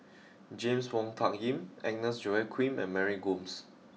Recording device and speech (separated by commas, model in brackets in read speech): mobile phone (iPhone 6), read sentence